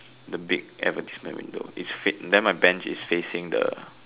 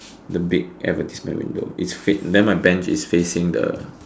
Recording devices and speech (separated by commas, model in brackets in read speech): telephone, standing microphone, conversation in separate rooms